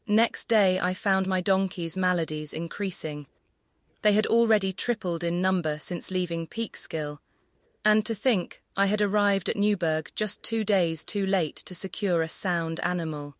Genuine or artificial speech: artificial